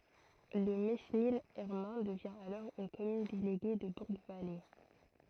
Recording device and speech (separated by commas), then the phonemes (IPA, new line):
throat microphone, read sentence
lə menil ɛʁmɑ̃ dəvjɛ̃ alɔʁ yn kɔmyn deleɡe də buʁɡvale